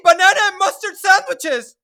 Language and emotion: English, surprised